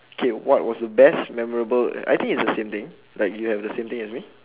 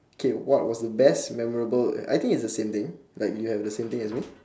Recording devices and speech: telephone, standing microphone, conversation in separate rooms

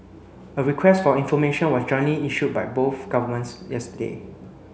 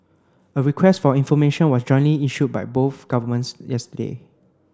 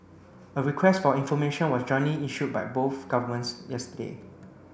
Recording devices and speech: mobile phone (Samsung C9), close-talking microphone (WH30), boundary microphone (BM630), read sentence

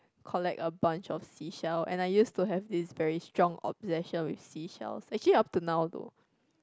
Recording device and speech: close-talking microphone, conversation in the same room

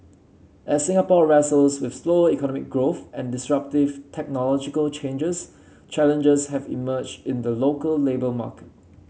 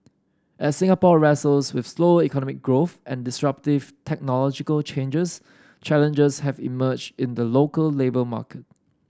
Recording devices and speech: mobile phone (Samsung C7), standing microphone (AKG C214), read sentence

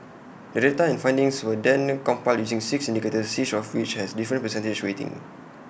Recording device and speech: boundary microphone (BM630), read sentence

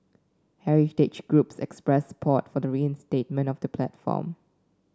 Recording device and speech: standing microphone (AKG C214), read sentence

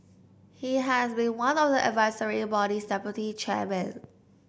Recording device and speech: boundary microphone (BM630), read sentence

